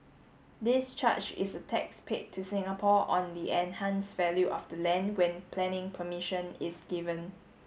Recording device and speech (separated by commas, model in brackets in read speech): mobile phone (Samsung S8), read sentence